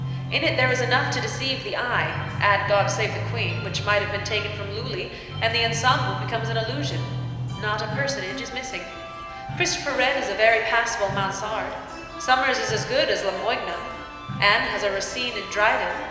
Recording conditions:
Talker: one person; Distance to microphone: 1.7 m; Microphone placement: close; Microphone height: 1.0 m; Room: very reverberant, large; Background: music

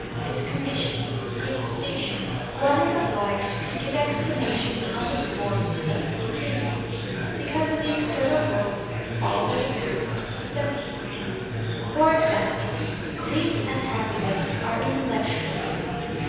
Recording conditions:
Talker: one person; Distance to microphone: 7.1 m; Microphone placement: far; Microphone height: 1.7 m; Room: very reverberant, large; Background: babble

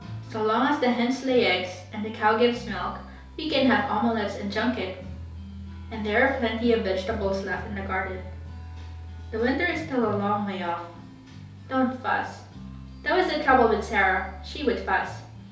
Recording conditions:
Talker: one person; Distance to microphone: 3.0 m; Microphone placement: far; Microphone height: 1.8 m; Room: small (3.7 m by 2.7 m); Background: music

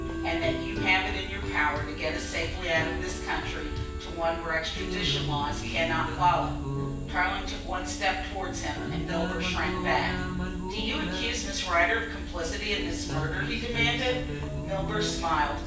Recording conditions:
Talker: one person; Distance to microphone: 9.8 m; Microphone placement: far; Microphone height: 1.8 m; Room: large; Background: music

